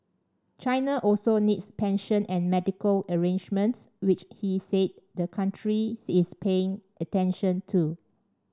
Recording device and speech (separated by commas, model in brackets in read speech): standing microphone (AKG C214), read sentence